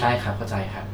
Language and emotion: Thai, neutral